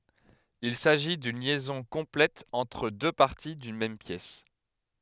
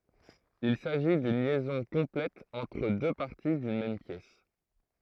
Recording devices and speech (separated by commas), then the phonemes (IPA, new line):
headset microphone, throat microphone, read sentence
il saʒi dyn ljɛzɔ̃ kɔ̃plɛt ɑ̃tʁ dø paʁti dyn mɛm pjɛs